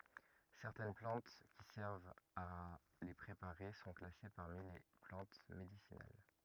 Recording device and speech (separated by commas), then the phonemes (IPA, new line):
rigid in-ear microphone, read sentence
sɛʁtɛn plɑ̃t ki sɛʁvt a le pʁepaʁe sɔ̃ klase paʁmi le plɑ̃t medisinal